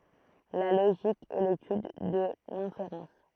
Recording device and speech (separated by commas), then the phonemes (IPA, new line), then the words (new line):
throat microphone, read sentence
la loʒik ɛ letyd də lɛ̃feʁɑ̃s
La logique est l’étude de l’inférence.